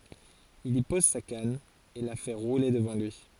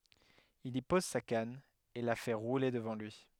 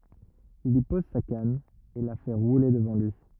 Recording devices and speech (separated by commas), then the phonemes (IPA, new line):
forehead accelerometer, headset microphone, rigid in-ear microphone, read sentence
il i pɔz sa kan e la fɛ ʁule dəvɑ̃ lyi